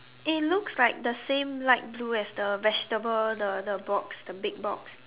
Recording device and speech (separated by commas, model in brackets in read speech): telephone, conversation in separate rooms